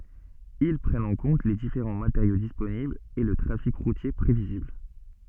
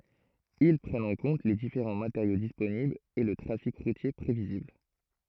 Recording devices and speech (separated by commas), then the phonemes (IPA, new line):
soft in-ear microphone, throat microphone, read sentence
il pʁɛnt ɑ̃ kɔ̃t le difeʁɑ̃ mateʁjo disponiblz e lə tʁafik ʁutje pʁevizibl